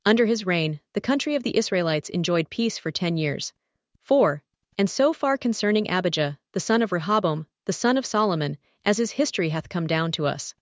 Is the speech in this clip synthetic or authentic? synthetic